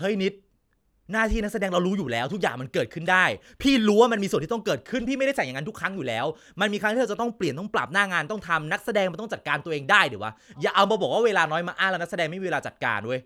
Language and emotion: Thai, angry